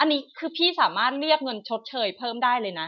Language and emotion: Thai, frustrated